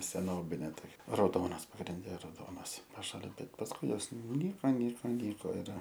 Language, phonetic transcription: Lithuanian, seˈnobinė toˈkia rauˈdonas pagrinˈde rauˈdonas paˈšalin ˈbet pasˈkui ˈjos nuˈnyko ˈnyko ˈnyko ir

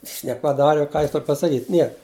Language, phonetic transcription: Lithuanian, ˈjis nepaˈdari u ˈką ˈjis ˈtor pasaˈkyt' ˈniek

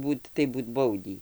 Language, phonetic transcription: Lithuanian, ˈbūt tai ˈbūt ˈbaudį

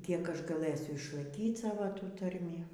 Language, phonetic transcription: Lithuanian, ˈkiek ˈaš gaˈlɘsiu išlaiˈkyt ˈsavo ˈtų ˈtarmį

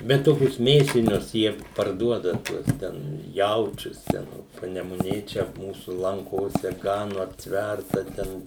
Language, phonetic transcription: Lithuanian, bet ˈtokius ˈmėsinius ˈjie parˈduoda ˈtuos ˈten ˈjaučius ˈten o panemuˈnė ˈčia ˈmūsu lanˈkose ˈganu apˈtværta ˈten

